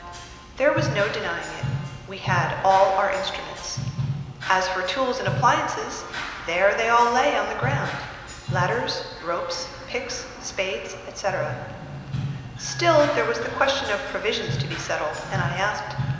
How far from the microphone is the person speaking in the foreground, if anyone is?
1.7 m.